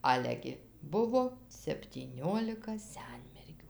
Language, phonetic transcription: Lithuanian, ˈale gi ˈbuvo septyˈniolika ˈsenmergių

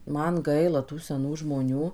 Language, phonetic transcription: Lithuanian, ˈman ˈgaila ˈtų seˈnų žmoˈnių

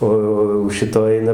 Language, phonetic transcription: Lithuanian, ˈo o jau ˈšito ˈaina

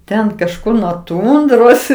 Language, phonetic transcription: Lithuanian, ˈten kažˈkur nuo ˈtundros

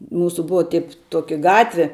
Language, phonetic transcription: Lithuanian, ˈmūsu ˈbuva tip ˈtuoki ˈgatvi

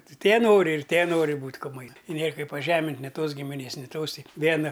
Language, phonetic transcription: Lithuanian, ˈti tie ˈnori ir ˈtie ˈnori ˈbūt' kuˈmai i nėr ˈkaip paˈžemint' ni ˈtos gimiˈnės ni ˈtos ˈti ˈviena

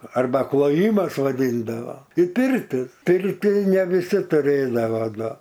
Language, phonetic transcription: Lithuanian, arˈba kloˈjymas vaˈdyndavo į ˈpirti ˈpirti ne viˈsi tuˈrėdava ˈnu

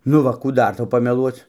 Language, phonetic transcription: Lithuanian, nu ˈva kų ˈdar ˈtau pameˈluoc

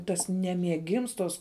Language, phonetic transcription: Lithuanian, tas ˈnemiegims tos

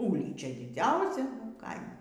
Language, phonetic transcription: Lithuanian, ˈūlyčia diˈdziausia ˈkaimo

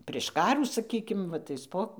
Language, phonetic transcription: Lithuanian, prėš ˈkarų saˈkykim ˈva ˈtais po

